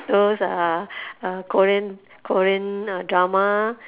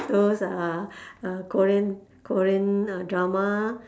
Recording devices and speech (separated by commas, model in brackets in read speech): telephone, standing microphone, conversation in separate rooms